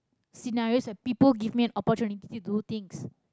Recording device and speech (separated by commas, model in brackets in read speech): close-talking microphone, conversation in the same room